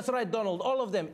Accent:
Egyptian accent